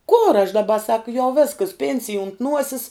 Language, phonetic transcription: Lithuanian, kor aš daˈba sak jau ˈvėskas ˈpėnsij unt ˈnuosis

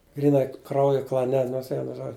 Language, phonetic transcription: Lithuanian, gryˈnai ˈkrauju klaˈne nors ˈvienu ˈžodžiu

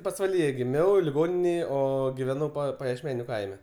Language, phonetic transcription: Lithuanian, pasvaˈlyje giˈmiau liˈgoninėj ˈo giˈvenau pajiešˈmeniu ˈkaime

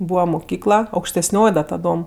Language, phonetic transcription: Lithuanian, ˈbūva muˈkykla aukštesˈnioj da taˈdom

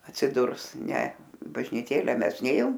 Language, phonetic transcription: Lithuanian, atsiˈdurs ne bažniˈtėle ˈmes ˈnėjom

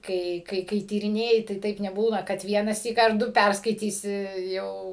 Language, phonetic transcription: Lithuanian, ˈkai ˈkai kai tyriˈnėji tai ˈtaip neˈbūna kad ˈvienąsyk ar ˈdu ˈpærskaitysi ˈjau

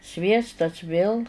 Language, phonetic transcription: Lithuanian, ˈsviestas vėl

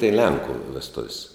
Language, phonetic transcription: Lithuanian, tai ˈlenku vesˈtuv's'

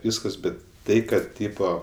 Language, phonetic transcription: Lithuanian, ˈvyskas ˈbet ˈtai ˈkad ˈtypo

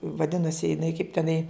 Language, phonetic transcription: Lithuanian, vaˈdinasi jiˈnai kaip teˈnai

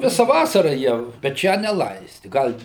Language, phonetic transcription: Lithuanian, ˈvisa ˈvasara ˈjie bet ˈšią neˈlaisti ˈgal'

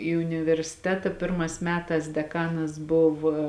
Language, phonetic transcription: Lithuanian, į universiˈteta ˈpirmās ˈmetās deˈkanas ˈbuva

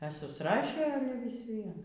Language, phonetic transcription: Lithuanian, e susˈrašė ˈale vis ˈvien

